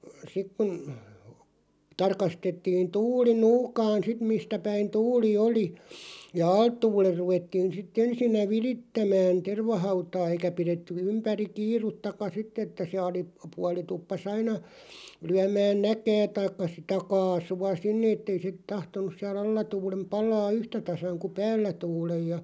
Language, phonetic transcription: Finnish, 'sik kun̬ , 'tarkastettiin "tuuli "nuukaan 'sit 'mistä päin 'tuuli "oli , ja "alt 'tuuler 'ruvettiin sit't ‿ensinnä "virittämään 'tervahautaa eikä 'piretty 'ympäri "kiiruttaka 'sitt ‿että se 'ali- , '-puali tuppa's ‿aina , 'lyämään "näkää taikka sitä "kaasu₍a 'sinne ettei se 'tahtonus siä"l ‿alla 'tuulem 'palaa "yhtä 'tasaŋ ku "päällä 'tuulej ja .
- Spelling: sitten kun tarkastettiin tuuli nuukaan sitten mistä päin tuuli oli ja alta tuulen ruvettiin sitten ensinnä virittämään tervahautaa eikä pidetty ympäri kiirettäkään sitten että se - alapuoli tuppasi aina lyömään näkää tai sitä kaasua sinne että ei se tahtonut siellä alla tuulen palaa yhtä tasan kuin päällä tuulen ja

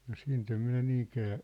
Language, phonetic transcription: Finnish, no 'siint ‿em minä 'niiŋkää ,.
- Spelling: no siitä en minä niinkään

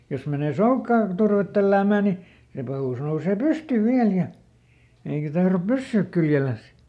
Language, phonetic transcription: Finnish, ˈjos menè "soukkaa , ˈturvet ˈtälläämä̀ ni , ˈse pahùs nousee "pysty ˈviäl ja , ˈeikä ˈtahrop "pyssyyk ˈkyljeläs .
- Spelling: jos menee soukkaan turvetta tälläämään niin se pahus nousee pystyyn vielä ja eikä tahdo pysyä kyljellänsä

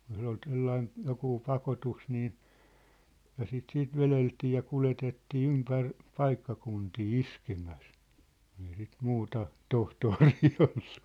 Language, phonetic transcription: Finnish, jos ‿ol ᵗsellain , 'jokuu 'pakotus nii , ja sit 'siit "veleltii ja "kuletettii "ympär , 'paikkakuntii "iskemäs , kᴜɴ ‿ei sit 'muuta , "tohtoorii ollᴜ .
- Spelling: jos oli sellainen joku pakotus niin ja sitä sitten vedeltiin ja kuljetettiin ympäri paikkakuntia iskemässä kun ei sitä muuta tohtoria ollut

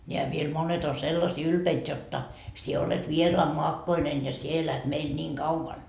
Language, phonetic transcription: Finnish, ńeä viel 'monet on 'sellasii 'ylpeit jotta » 'sie olet "vieroammoakkoinen ja sie 'elät 'meil ńiiŋ kauvan » .
- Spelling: nämä vielä monet on sellaisia ylpeitä jotta sinä olet vieraanmaakkoinen ja sinä elät meillä niin kauan

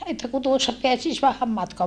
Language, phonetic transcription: Finnish, » että » ku tuossa peäsis vähäm matkoa » .
- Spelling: että kun tuossa pääsisi vähän matkaa

